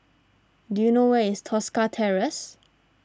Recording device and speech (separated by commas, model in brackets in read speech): standing microphone (AKG C214), read sentence